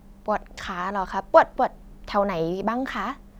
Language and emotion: Thai, neutral